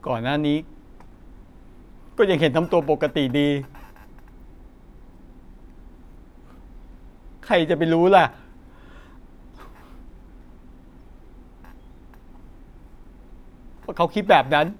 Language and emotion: Thai, sad